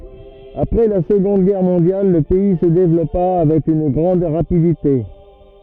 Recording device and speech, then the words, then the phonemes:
rigid in-ear microphone, read sentence
Après la Seconde Guerre mondiale le pays se développa avec une grande rapidité.
apʁɛ la səɡɔ̃d ɡɛʁ mɔ̃djal lə pɛi sə devlɔpa avɛk yn ɡʁɑ̃d ʁapidite

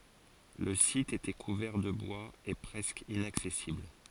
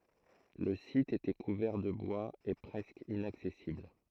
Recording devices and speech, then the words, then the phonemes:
forehead accelerometer, throat microphone, read sentence
Le site était couvert de bois et presque inaccessible.
lə sit etɛ kuvɛʁ də bwaz e pʁɛskə inaksɛsibl

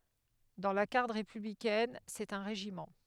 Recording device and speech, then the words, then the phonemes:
headset microphone, read sentence
Dans la garde républicaine, c'est un régiment.
dɑ̃ la ɡaʁd ʁepyblikɛn sɛt œ̃ ʁeʒimɑ̃

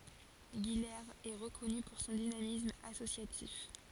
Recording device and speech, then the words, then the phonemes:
forehead accelerometer, read sentence
Guilers est reconnue pour son dynamisme associatif.
ɡilez ɛ ʁəkɔny puʁ sɔ̃ dinamism asosjatif

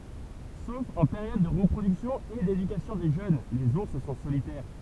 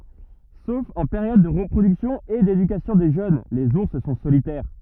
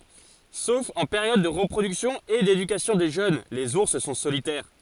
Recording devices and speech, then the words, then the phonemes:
temple vibration pickup, rigid in-ear microphone, forehead accelerometer, read sentence
Sauf en période de reproduction et d'éducation des jeunes, les ours sont solitaires.
sof ɑ̃ peʁjɔd də ʁəpʁodyksjɔ̃ e dedykasjɔ̃ de ʒøn lez uʁs sɔ̃ solitɛʁ

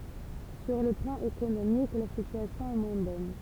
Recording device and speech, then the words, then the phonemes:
temple vibration pickup, read sentence
Sur le plan économique, la situation est moins bonne.
syʁ lə plɑ̃ ekonomik la sityasjɔ̃ ɛ mwɛ̃ bɔn

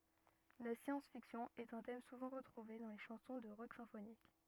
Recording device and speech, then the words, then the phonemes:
rigid in-ear microphone, read sentence
La science-fiction est un thème souvent retrouvé dans les chansons de rock symphonique.
la sjɑ̃s fiksjɔ̃ ɛt œ̃ tɛm suvɑ̃ ʁətʁuve dɑ̃ le ʃɑ̃sɔ̃ də ʁɔk sɛ̃fonik

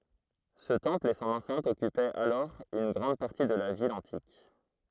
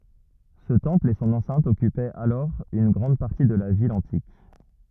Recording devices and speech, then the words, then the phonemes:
throat microphone, rigid in-ear microphone, read sentence
Ce temple et son enceinte occupaient alors une grande partie de la ville antique.
sə tɑ̃pl e sɔ̃n ɑ̃sɛ̃t ɔkypɛt alɔʁ yn ɡʁɑ̃d paʁti də la vil ɑ̃tik

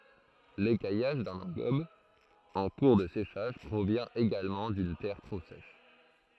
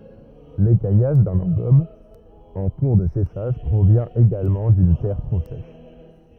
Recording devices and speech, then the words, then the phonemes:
throat microphone, rigid in-ear microphone, read sentence
L'écaillage d'un engobe en cours de séchage provient également d'une terre trop sèche.
lekajaʒ dœ̃n ɑ̃ɡɔb ɑ̃ kuʁ də seʃaʒ pʁovjɛ̃ eɡalmɑ̃ dyn tɛʁ tʁo sɛʃ

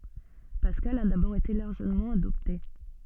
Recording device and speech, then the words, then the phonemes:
soft in-ear microphone, read sentence
Pascal a d'abord été largement adopté.
paskal a dabɔʁ ete laʁʒəmɑ̃ adɔpte

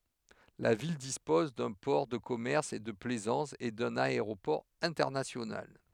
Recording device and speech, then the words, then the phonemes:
headset microphone, read sentence
La ville dispose d'un port de commerce et de plaisance, et d'un aéroport international.
la vil dispɔz dœ̃ pɔʁ də kɔmɛʁs e də plɛzɑ̃s e dœ̃n aeʁopɔʁ ɛ̃tɛʁnasjonal

